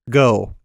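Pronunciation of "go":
'Go' is said with the American vowel sound O.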